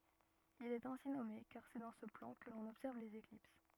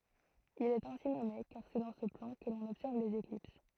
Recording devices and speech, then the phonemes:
rigid in-ear microphone, throat microphone, read sentence
il ɛt ɛ̃si nɔme kaʁ sɛ dɑ̃ sə plɑ̃ kə lɔ̃n ɔbsɛʁv lez eklips

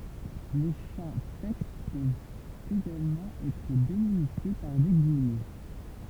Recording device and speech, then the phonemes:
temple vibration pickup, read sentence
le ʃɑ̃ tɛkst pøvt eɡalmɑ̃ ɛtʁ delimite paʁ de ɡijmɛ

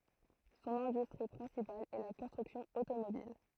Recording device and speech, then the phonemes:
throat microphone, read sentence
sɔ̃n ɛ̃dystʁi pʁɛ̃sipal ɛ la kɔ̃stʁyksjɔ̃ otomobil

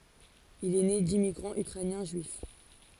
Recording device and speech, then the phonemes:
forehead accelerometer, read sentence
il ɛ ne dimmiɡʁɑ̃z ykʁɛnjɛ̃ ʒyif

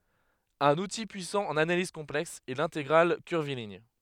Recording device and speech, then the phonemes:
headset microphone, read sentence
œ̃n uti pyisɑ̃ ɑ̃n analiz kɔ̃plɛks ɛ lɛ̃teɡʁal kyʁviliɲ

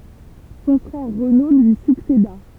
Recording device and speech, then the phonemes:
temple vibration pickup, read sentence
sɔ̃ fʁɛʁ ʁəno lyi sykseda

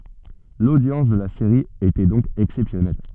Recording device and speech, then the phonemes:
soft in-ear microphone, read sentence
lodjɑ̃s də la seʁi etɛ dɔ̃k ɛksɛpsjɔnɛl

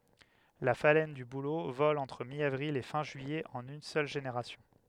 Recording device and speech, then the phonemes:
headset microphone, read sentence
la falɛn dy bulo vɔl ɑ̃tʁ mjavʁil e fɛ̃ ʒyijɛ ɑ̃n yn sœl ʒeneʁasjɔ̃

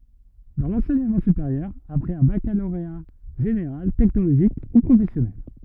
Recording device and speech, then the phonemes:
rigid in-ear microphone, read sentence
dɑ̃ lɑ̃sɛɲəmɑ̃ sypeʁjœʁ apʁɛz œ̃ bakaloʁea ʒeneʁal tɛknoloʒik u pʁofɛsjɔnɛl

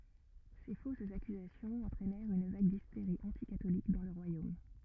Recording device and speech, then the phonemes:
rigid in-ear microphone, read sentence
se fosz akyzasjɔ̃z ɑ̃tʁɛnɛʁt yn vaɡ disteʁi ɑ̃tikatolik dɑ̃ lə ʁwajom

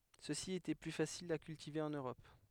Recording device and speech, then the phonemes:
headset microphone, read sentence
søksi etɛ ply fasilz a kyltive ɑ̃n øʁɔp

